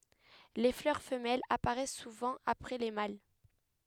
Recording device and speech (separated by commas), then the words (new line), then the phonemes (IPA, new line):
headset microphone, read sentence
Les fleurs femelles apparaissent souvent après les mâles.
le flœʁ fəmɛlz apaʁɛs suvɑ̃ apʁɛ le mal